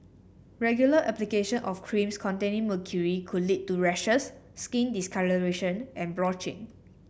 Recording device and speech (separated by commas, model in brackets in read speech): boundary microphone (BM630), read sentence